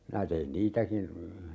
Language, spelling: Finnish, minä tein niitäkin
- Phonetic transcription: 'minä tein "niitäkin ,.

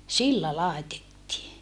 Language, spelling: Finnish, sillä laitettiin
- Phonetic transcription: sillä làetettii .

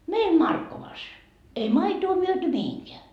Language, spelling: Finnish, meidän Markkovassa ei maitoa myyty mihinkään
- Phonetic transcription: 'meim "Markkovas , ei 'maitoo myöty 'mihiŋkeä .

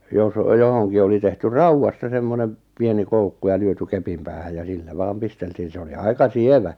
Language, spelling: Finnish, jos johonkin oli tehty raudasta semmoinen pieni koukku ja lyöty kepin päähän ja sillä vain pisteltiin se oli aika sievä
- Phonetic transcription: jos , 'johoŋki oli tehty "rauwasta 'semmoneᵐ , 'pieni 'koukku ja 'lyöty 'kepim päähäj ja 'sillä 'vaam 'pisteltiin̬ 'se oli 'aika "sievä ,.

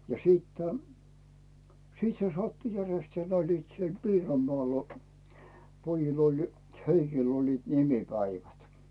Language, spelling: Finnish, ja siitä sitten se sattui järjestään ne olivat siellä Piironmaalla pojilla oli Heikillä olivat nimipäivät
- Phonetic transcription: ja 'siittᴀ̈ , 'siit se 'sattu 'järestää n ‿oĺliit siel 'Piirommᵒàl , 'pojil ‿oĺ , 'Heikil ‿oĺliit "nimipäivät .

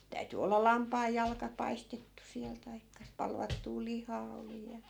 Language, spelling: Finnish, täytyi olla lampaanjalka paistettu siellä tai palvattua lihaa oli ja
- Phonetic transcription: 'täyty olla "lampaajjalka 'paistettu 'siäl taikka , 'palvattuu "lihaa oli ja .

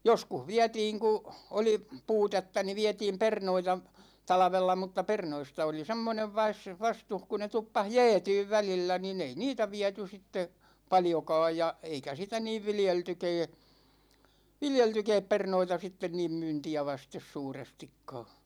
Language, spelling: Finnish, joskus vietiin kun oli puutetta niin vietiin perunoita talvella mutta perunoista oli semmoinen - vastus kun ne tuppasi jäätymään välillä niin ei niitä viety sitten paljonkaan ja eikä sitä niin viljeltykään viljeltykään perunoita sitten niin myyntiä vasten suurestikaan
- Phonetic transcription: 'joskuh "viätiiŋ ku , 'oli , 'puutetta ni "viɛtiim "pernoita , 'talᵃvella mutta 'pernoista oli "semmonev 'vas- , 'vastuh ku ne 'tuppas "jɛɛtyyv 'välillä nin ‿ei "niitä 'viäty sitte , 'paljokaaj ja , 'eikä sitä 'niiv "viljeltykɛɛ , "viljeltykɛɛp 'pernoita sitten niim 'myynti₍ä vastes 'suurestikkaa .

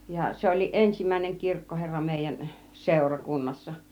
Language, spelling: Finnish, ja se olikin ensimmäinen kirkkoherra meidän - seurakunnassa
- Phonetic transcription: ja 'se ol̆liiˀ 'ˀensimäineŋ 'kirkkoherra mèijän , 'sèura 'kunnassa .

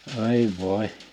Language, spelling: Finnish, ai voi
- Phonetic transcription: ài vòḙ !

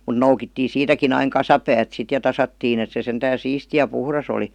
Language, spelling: Finnish, mutta noukittiin siitäkin aina kasapäät sitten ja tasattiin että se sentään siisti ja puhdas oli
- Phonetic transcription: mun̆ "noukittii "siitäkin ‿aiŋ 'kasapäät sit ja 'tasattiin ‿et se sentään̬ "siisti ja "puhras ‿oli .

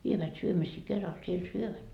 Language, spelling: Finnish, vievät syömisiä keralla siellä syövät
- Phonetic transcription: 'vievät 'syömisii 'keral siel "syövät .

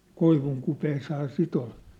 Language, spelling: Finnish, koivunkupeessa sitä oli
- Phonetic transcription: 'koivuŋkupeeshaa 'sit ‿ol .

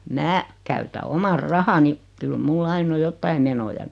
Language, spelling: Finnish, minä käytän omat rahani kyllä minulla aina on jotakin menoja niin
- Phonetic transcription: mää , käytä 'omar "rahani , kyl 'mul"l ‿ain ‿o 'jottai menoja (ni) .

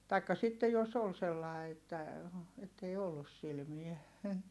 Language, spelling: Finnish, tai sitten jos oli sellainen että että ei ollut silmää
- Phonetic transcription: taikka sitte jos ‿ol sellài̮ että , ettei ollus silmiɛ .

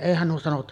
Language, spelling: Finnish, eihän nuo sanonut
- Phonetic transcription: "’eihän nuo sanonut ,.

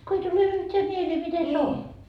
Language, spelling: Finnish, kun ei tule yhtään mieleen miten se on
- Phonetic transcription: ko 'ei tule yht́eä 'mielee 'mite se 'on .

